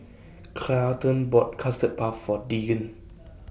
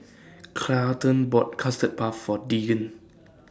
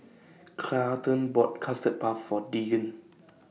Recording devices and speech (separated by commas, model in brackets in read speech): boundary microphone (BM630), standing microphone (AKG C214), mobile phone (iPhone 6), read sentence